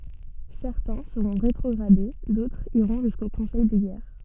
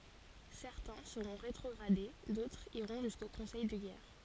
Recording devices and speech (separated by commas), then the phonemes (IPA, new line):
soft in-ear microphone, forehead accelerometer, read sentence
sɛʁtɛ̃ səʁɔ̃ ʁetʁɔɡʁade dotʁz iʁɔ̃ ʒysko kɔ̃sɛj də ɡɛʁ